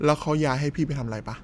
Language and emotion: Thai, neutral